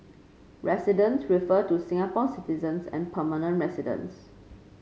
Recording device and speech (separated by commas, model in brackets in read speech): mobile phone (Samsung C5), read sentence